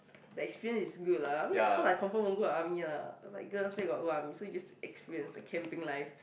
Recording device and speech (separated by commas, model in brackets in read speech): boundary microphone, conversation in the same room